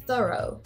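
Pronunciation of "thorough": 'Thorough' is said the American way, with the ending sounding like 'oh' rather than an uh sound.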